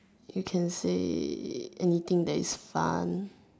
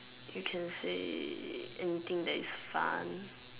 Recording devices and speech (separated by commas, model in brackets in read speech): standing microphone, telephone, conversation in separate rooms